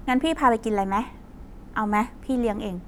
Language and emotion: Thai, neutral